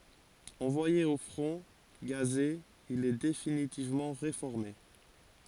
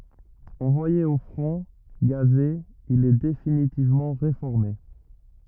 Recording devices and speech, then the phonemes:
forehead accelerometer, rigid in-ear microphone, read sentence
ɑ̃vwaje o fʁɔ̃ ɡaze il ɛ definitivmɑ̃ ʁefɔʁme

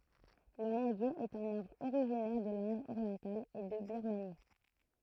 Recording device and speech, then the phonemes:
throat microphone, read sentence
lə mɑ̃ɡje ɛt œ̃n aʁbʁ oʁiʒinɛʁ də lɛ̃d oʁjɑ̃tal e də biʁmani

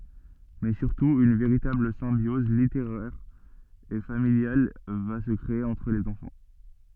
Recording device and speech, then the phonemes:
soft in-ear microphone, read sentence
mɛ syʁtu yn veʁitabl sɛ̃bjɔz liteʁɛʁ e familjal va sə kʁee ɑ̃tʁ lez ɑ̃fɑ̃

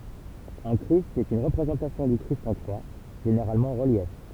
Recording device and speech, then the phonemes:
temple vibration pickup, read sentence
œ̃ kʁist ɛt yn ʁəpʁezɑ̃tasjɔ̃ dy kʁist ɑ̃ kʁwa ʒeneʁalmɑ̃ ɑ̃ ʁəljɛf

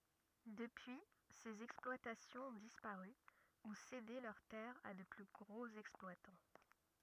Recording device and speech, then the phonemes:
rigid in-ear microphone, read sentence
dəpyi sez ɛksplwatasjɔ̃z ɔ̃ dispaʁy u sede lœʁ tɛʁz a də ply ɡʁoz ɛksplwatɑ̃

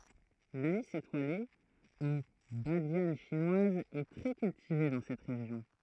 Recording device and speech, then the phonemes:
throat microphone, read sentence
lanis etwale u badjan ʃinwaz ɛ tʁɛ kyltive dɑ̃ sɛt ʁeʒjɔ̃

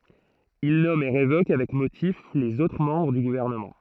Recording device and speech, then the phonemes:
throat microphone, read sentence
il nɔm e ʁevok avɛk motif lez otʁ mɑ̃bʁ dy ɡuvɛʁnəmɑ̃

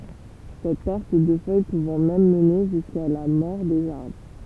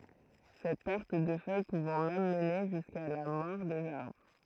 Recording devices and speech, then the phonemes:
temple vibration pickup, throat microphone, read sentence
sɛt pɛʁt də fœj puvɑ̃ mɛm məne ʒyska la mɔʁ dez aʁbʁ

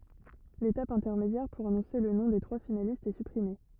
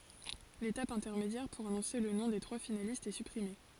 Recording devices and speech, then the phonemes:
rigid in-ear microphone, forehead accelerometer, read sentence
letap ɛ̃tɛʁmedjɛʁ puʁ anɔ̃se lə nɔ̃ de tʁwa finalistz ɛ sypʁime

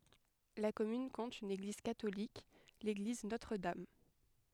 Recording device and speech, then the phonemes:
headset microphone, read sentence
la kɔmyn kɔ̃t yn eɡliz katolik leɡliz notʁ dam

